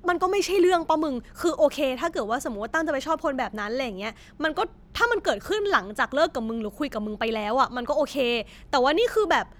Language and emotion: Thai, frustrated